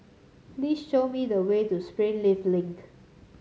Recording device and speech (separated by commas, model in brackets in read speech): mobile phone (Samsung C7), read sentence